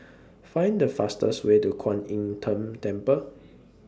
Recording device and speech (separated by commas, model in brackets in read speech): standing microphone (AKG C214), read sentence